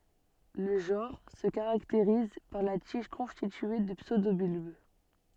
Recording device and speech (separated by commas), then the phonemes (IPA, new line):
soft in-ear microphone, read sentence
lə ʒɑ̃ʁ sə kaʁakteʁiz paʁ la tiʒ kɔ̃stitye də psødobylb